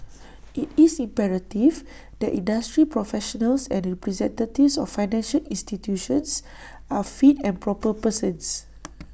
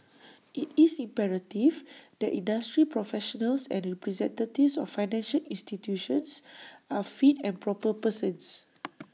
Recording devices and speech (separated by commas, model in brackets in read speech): boundary microphone (BM630), mobile phone (iPhone 6), read sentence